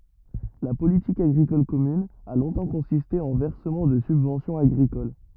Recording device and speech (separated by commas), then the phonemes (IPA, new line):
rigid in-ear microphone, read sentence
la politik aɡʁikɔl kɔmyn a lɔ̃tɑ̃ kɔ̃siste ɑ̃ vɛʁsəmɑ̃ də sybvɑ̃sjɔ̃z aɡʁikol